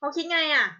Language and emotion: Thai, frustrated